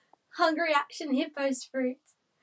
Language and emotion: English, happy